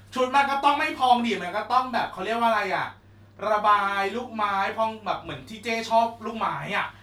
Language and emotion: Thai, happy